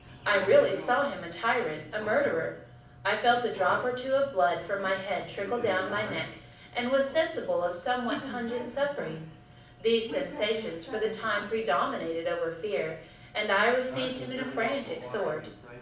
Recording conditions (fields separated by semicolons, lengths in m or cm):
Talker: one person; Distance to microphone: 5.8 m; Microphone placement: far; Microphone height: 1.8 m; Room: medium-sized (5.7 m by 4.0 m); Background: television